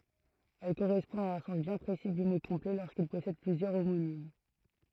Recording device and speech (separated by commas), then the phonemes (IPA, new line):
throat microphone, read sentence
ɛl koʁɛspɔ̃ a œ̃ sɑ̃s bjɛ̃ pʁesi dy mo kɔ̃plɛ loʁskil pɔsɛd plyzjœʁ omonim